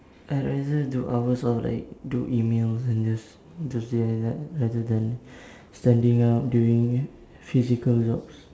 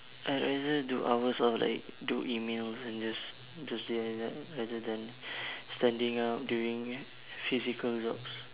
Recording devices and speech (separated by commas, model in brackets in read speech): standing microphone, telephone, conversation in separate rooms